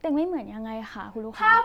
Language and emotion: Thai, neutral